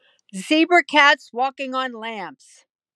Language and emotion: English, sad